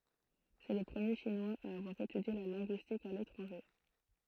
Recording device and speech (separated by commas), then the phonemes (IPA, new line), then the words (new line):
throat microphone, read sentence
sɛ lə pʁəmje ʃinwaz a avwaʁ etydje la lɛ̃ɡyistik a letʁɑ̃ʒe
C'est le premier Chinois à avoir étudié la linguistique à l'étranger.